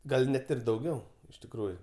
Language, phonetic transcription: Lithuanian, ˈgal' ˈnet ir dauˈgiau iš tikˈrųju

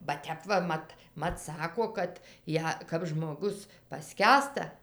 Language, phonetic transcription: Lithuanian, ba ˈtep va ˈmat ˈmat ˈsako ˈkad ˈją kap žmoˈgus paˈskęsta

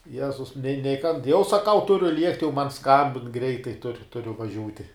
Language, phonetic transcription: Lithuanian, ˈjezus nei nei kan jau saˈkau ˈturiu ˈliekti jau man ˈskambin ˈgreitai tur ˈturiu vaˈžiūti

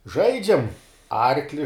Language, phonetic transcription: Lithuanian, ˈžaidžiam ˈarkli

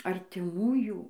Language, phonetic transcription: Lithuanian, artiˈmųjų

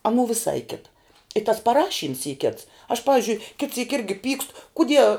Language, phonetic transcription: Lithuanian, aˈnų viˈsai ˈkita i tas paˈrašyms y kits aš ˈpavizdžiui kit syk ˈirgi ˈpykst kuˈdie

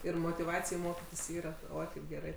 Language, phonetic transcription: Lithuanian, ir motiˈvacij ˈmokitis ˈyra ˈoi kaip geˈrai

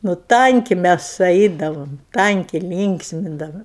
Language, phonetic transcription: Lithuanian, nu ˈtanki ˈmæs ˈaidavom ˈtanki ˈlynksmindavom

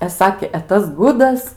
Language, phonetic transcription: Lithuanian, e ˈsakė e ˈtas ˈgudas

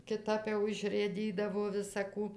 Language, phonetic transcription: Lithuanian, kiˈtap jau išrɘˈdydavo visa ˈkų

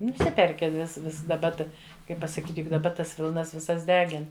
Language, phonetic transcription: Lithuanian, nuˈsiperki vis ˈvis daˈba ˈta ˈkaip pasaˈkyt' juk daˈba ˈtas ˈvilnas viˈsas ˈdegin

